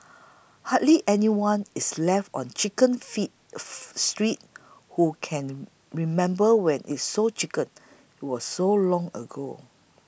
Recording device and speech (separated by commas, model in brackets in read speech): boundary microphone (BM630), read sentence